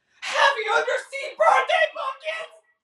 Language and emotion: English, fearful